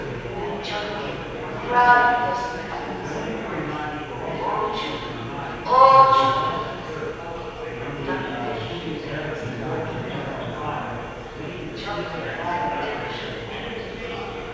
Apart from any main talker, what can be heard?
Crowd babble.